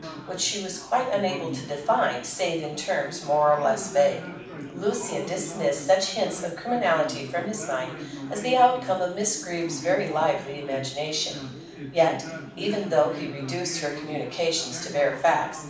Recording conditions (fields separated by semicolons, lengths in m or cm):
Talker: one person; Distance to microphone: 5.8 m; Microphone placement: far; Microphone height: 1.8 m; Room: medium-sized (5.7 m by 4.0 m); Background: babble